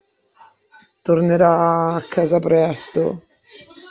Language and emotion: Italian, sad